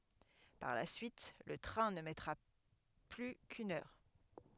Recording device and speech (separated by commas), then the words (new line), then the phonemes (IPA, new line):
headset microphone, read sentence
Par la suite, le train ne mettra plus qu’une heure.
paʁ la syit lə tʁɛ̃ nə mɛtʁa ply kyn œʁ